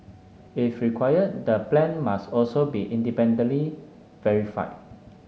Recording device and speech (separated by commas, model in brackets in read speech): mobile phone (Samsung S8), read sentence